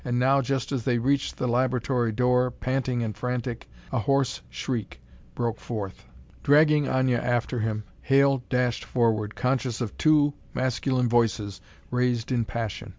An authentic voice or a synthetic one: authentic